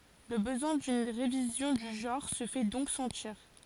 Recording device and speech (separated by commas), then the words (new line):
forehead accelerometer, read sentence
Le besoin d'une révision du genre se fait donc sentir.